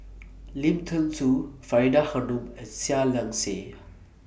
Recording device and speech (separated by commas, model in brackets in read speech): boundary microphone (BM630), read sentence